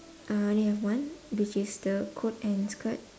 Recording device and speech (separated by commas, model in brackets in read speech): standing microphone, conversation in separate rooms